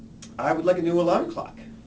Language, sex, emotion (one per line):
English
male
neutral